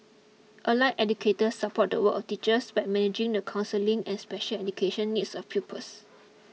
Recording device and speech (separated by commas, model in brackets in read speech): mobile phone (iPhone 6), read sentence